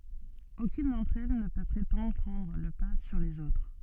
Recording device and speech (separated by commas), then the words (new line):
soft in-ear microphone, read sentence
Aucune d'entre elles ne peut prétendre prendre le pas sur les autres.